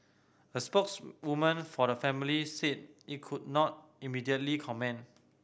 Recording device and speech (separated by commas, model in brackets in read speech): boundary microphone (BM630), read sentence